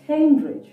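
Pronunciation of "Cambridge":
'Cambridge' is pronounced correctly here, in standard British English.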